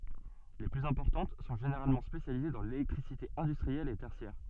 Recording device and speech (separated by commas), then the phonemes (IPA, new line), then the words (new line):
soft in-ear microphone, read sentence
le plyz ɛ̃pɔʁtɑ̃t sɔ̃ ʒeneʁalmɑ̃ spesjalize dɑ̃ lelɛktʁisite ɛ̃dystʁiɛl e tɛʁsjɛʁ
Les plus importantes sont généralement spécialisées dans l'électricité industrielle et tertiaire.